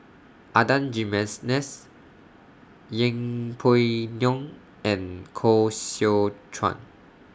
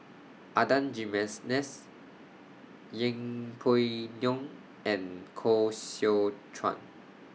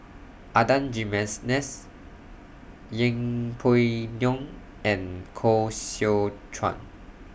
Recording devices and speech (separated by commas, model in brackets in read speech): standing microphone (AKG C214), mobile phone (iPhone 6), boundary microphone (BM630), read sentence